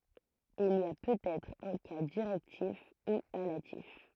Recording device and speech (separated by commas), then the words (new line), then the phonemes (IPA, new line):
throat microphone, read sentence
Il y a peut-être un cas directif, ou allatif.
il i a pøtɛtʁ œ̃ ka diʁɛktif u alatif